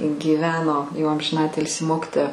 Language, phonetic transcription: Lithuanian, gyˈveno jau amžinˈatilsi ˈmokitoja

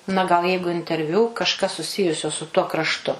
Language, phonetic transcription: Lithuanian, na ˈgal ˈjeigu interˈviū kažˈkas suˈsijusio su tuo krašˈtu

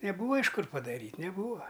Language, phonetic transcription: Lithuanian, neˈbūva iš ˈkur padaˈryt' neˈbūva

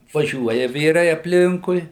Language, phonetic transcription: Lithuanian, vaˈžiuoja ˈvyrai apˈlinkui

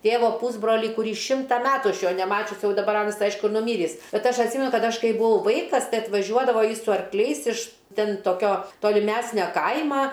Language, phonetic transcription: Lithuanian, ˈtėvo ˈpūsbrolį kuˈrį ˈšimta ˈmetu ˈaš ˈjo neˈmačius ˈjau daˈbar ˈanas ˈaišku ir nuˈmyrįs ˈbet ˈaš atˈsymenu ˈkad ˈaš ˈkai buˈau ˈvaikas ˈtai atvaˈžiuodavo ˈjis su arkˈliais iš ˈten toˈkio toliˈmesnio ˈkaima

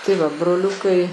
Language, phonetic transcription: Lithuanian, tai ˈva broˈliukai

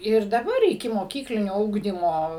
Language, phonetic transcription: Lithuanian, ir daˈbar ikimoˈkyklinio ˈugdymo

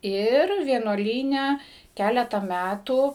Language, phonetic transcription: Lithuanian, ˈir vienuoˈlyne ˈkæleta ˈmætų

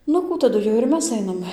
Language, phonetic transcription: Lithuanian, ˈnu ˈkų taˈdu jau ir ˈmes ˈainam

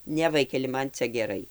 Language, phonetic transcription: Lithuanian, ˈne ˈvaikeli ˈman ˈcia geˈrai

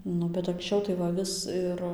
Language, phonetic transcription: Lithuanian, ˈnu bet anksˈčiau tai va ˈvis ir

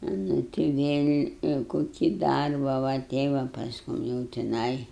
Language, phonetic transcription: Lithuanian, nu ti vėl' koˈkį ˈdarbą va ˈtei va pasˈkum jau tiˈnai

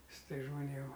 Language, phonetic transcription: Lithuanian, ˈsu ˈtais žmoˈnėm

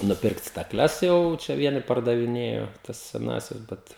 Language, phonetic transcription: Lithuanian, nuˈpirkt staˈkles ˈjau ˈčia ˈvieni pardaviˈnėjo ˈtas seˈnąsias ˈbet

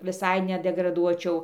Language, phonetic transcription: Lithuanian, viˈsai nedegraˈduočiau

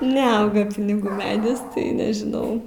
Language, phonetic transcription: Lithuanian, neˈauga piniˈgų ˈmedis tai nežiˈnau

